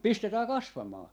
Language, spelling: Finnish, pistetään kasvamaan
- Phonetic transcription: "pistetää 'kasvamaa .

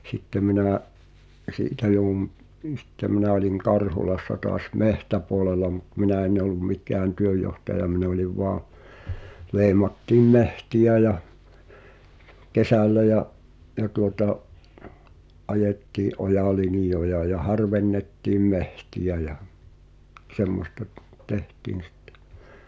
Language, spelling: Finnish, sitten minä siitä joudun niin sitten minä olin Karhulassa taas metsäpuolella mutta minä en ollut mikään työnjohtaja minä olin vain leimattiin metsiä ja kesällä ja ja tuota ajettiin ojalinjoja ja harvennettiin metsiä ja semmoista - tehtiin sitten
- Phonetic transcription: 'sⁱtte minä̀’ , '’siitä jouwum , (n)iin̬ 'sⁱtte minä oĺiŋ "Karhulassa toas "mehtäpu̬olela mut 'minä enⁿ ‿ollum 'mik̳ään "työj̆johtaja 'min ‿oliv voa , 'lei̬mattiim "mehti₍ä ja , "kesällä ja’ , ja tuota’ , '’ajettii’ '’ojà"linⁱjoja ja "harvennettiim 'mehti₍ä ja , 'semmosta t- , "tehtiin̬ sᴵttᴇ .

